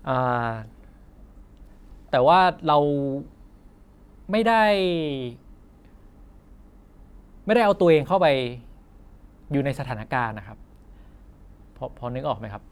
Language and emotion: Thai, frustrated